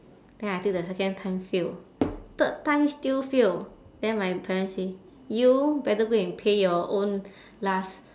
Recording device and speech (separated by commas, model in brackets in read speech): standing microphone, conversation in separate rooms